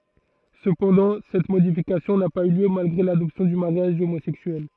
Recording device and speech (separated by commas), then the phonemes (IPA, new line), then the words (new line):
throat microphone, read sentence
səpɑ̃dɑ̃ sɛt modifikasjɔ̃ na paz y ljø malɡʁe ladɔpsjɔ̃ dy maʁjaʒ omozɛksyɛl
Cependant, cette modification n'a pas eu lieu malgré l'adoption du mariage homosexuel.